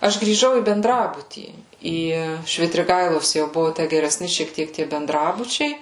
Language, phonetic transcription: Lithuanian, ˈaš grįˈžau į benˈdrabutį ˈį švitriˈgailos jau ˈbuvo ˈtæ gereˈsni šiek ˈtiek tie benˈdrabučiai

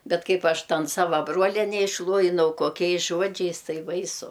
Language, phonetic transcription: Lithuanian, ˈbet ˈkaip ˈaš ˈtan ˈsava ˈbroliene išˈluojinau koˈkiais ˈžuodžiais ˈtai ˈbaisu

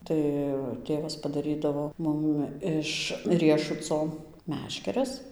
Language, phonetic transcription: Lithuanian, ˈtai ˈtėvas padaˈrydavo ˈmum iš ˈriešuco ˈmeškeres

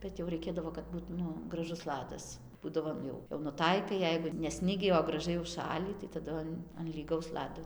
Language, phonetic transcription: Lithuanian, ˈbet jau raiˈkėdavo kad ˈbūt ˈnu graˈžus ˈladas ˈbūdavo ˈjau jau nuˈtaikai ˈjeigu ne ˈsnigį o graˈžai užˈšalį tai taˈdu an an lyˈgaus ˈlado

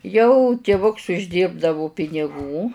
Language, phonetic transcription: Lithuanian, jau tiˈvuks užˈdyrbdavu piniˈgų

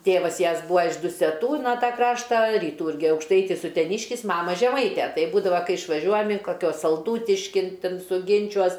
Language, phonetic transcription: Lithuanian, ˈtėvas ˈjas ˈbūa iš duseˈtų ˈtą ˈkraštą ryˈtų ˈirgi aukšˈtaitis uteˈniškis ˈmama žeˈmaite ˈtaip ˈbūdava ˈkai išvaˈžiuojam in kaˈkiuos salˈdūtiškin ˈten suˈginčiuos

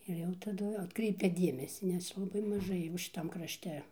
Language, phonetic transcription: Lithuanian, ir ˈjau taˈdu atˈkreipia ˈdiemesį nes laˈbai maˈžai jau šiˈtam krašˈte

